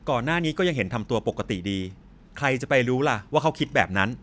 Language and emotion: Thai, frustrated